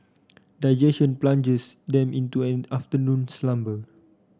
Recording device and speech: standing microphone (AKG C214), read sentence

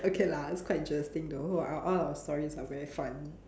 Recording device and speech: standing microphone, conversation in separate rooms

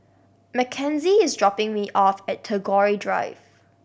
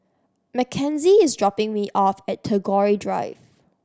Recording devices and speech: boundary microphone (BM630), standing microphone (AKG C214), read sentence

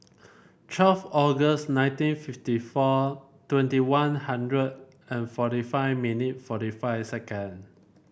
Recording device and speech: boundary microphone (BM630), read sentence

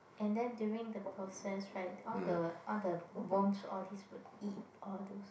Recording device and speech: boundary microphone, conversation in the same room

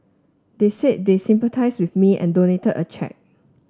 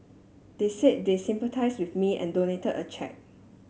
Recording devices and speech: standing microphone (AKG C214), mobile phone (Samsung S8), read sentence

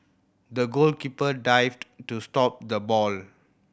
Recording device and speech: boundary microphone (BM630), read sentence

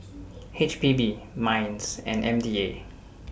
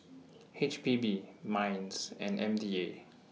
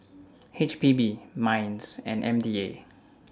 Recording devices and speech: boundary microphone (BM630), mobile phone (iPhone 6), standing microphone (AKG C214), read sentence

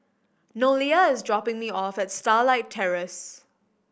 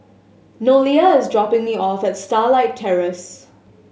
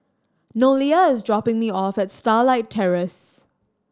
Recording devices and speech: boundary microphone (BM630), mobile phone (Samsung S8), standing microphone (AKG C214), read sentence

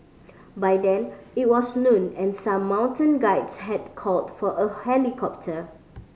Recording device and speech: mobile phone (Samsung C5010), read sentence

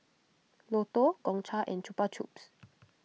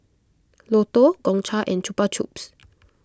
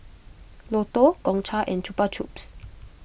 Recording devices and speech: mobile phone (iPhone 6), close-talking microphone (WH20), boundary microphone (BM630), read sentence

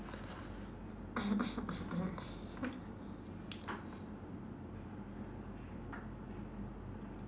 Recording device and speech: standing microphone, conversation in separate rooms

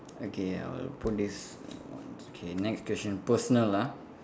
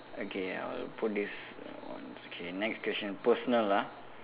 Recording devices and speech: standing microphone, telephone, conversation in separate rooms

